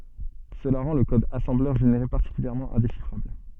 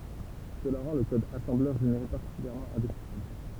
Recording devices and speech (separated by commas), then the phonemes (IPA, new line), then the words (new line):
soft in-ear microphone, temple vibration pickup, read sentence
səla ʁɑ̃ lə kɔd asɑ̃blœʁ ʒeneʁe paʁtikyljɛʁmɑ̃ ɛ̃deʃifʁabl
Cela rend le code assembleur généré particulièrement indéchiffrable.